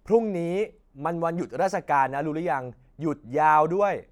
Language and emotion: Thai, frustrated